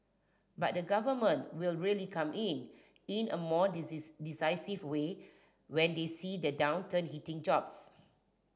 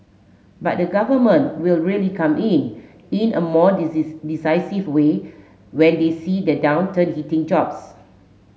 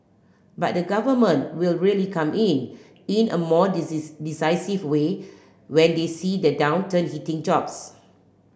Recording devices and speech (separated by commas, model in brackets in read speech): standing microphone (AKG C214), mobile phone (Samsung S8), boundary microphone (BM630), read sentence